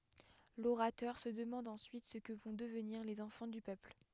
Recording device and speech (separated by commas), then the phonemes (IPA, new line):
headset microphone, read sentence
loʁatœʁ sə dəmɑ̃d ɑ̃syit sə kə vɔ̃ dəvniʁ lez ɑ̃fɑ̃ dy pøpl